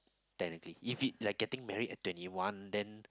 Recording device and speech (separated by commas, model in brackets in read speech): close-talking microphone, conversation in the same room